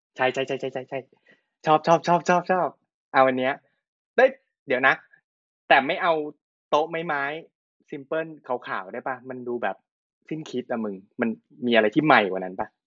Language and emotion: Thai, happy